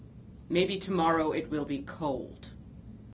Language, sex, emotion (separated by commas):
English, female, neutral